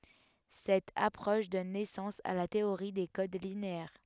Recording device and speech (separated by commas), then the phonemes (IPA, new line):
headset microphone, read sentence
sɛt apʁɔʃ dɔn nɛsɑ̃s a la teoʁi de kod lineɛʁ